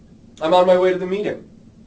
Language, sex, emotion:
English, male, neutral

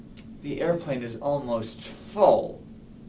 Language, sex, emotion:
English, male, disgusted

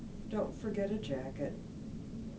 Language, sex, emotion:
English, female, sad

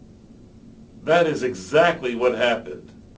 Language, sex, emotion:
English, male, angry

